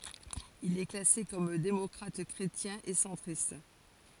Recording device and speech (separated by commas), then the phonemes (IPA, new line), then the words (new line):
forehead accelerometer, read sentence
il ɛ klase kɔm demɔkʁatɛkʁetjɛ̃ e sɑ̃tʁist
Il est classé comme démocrate-chrétien et centriste.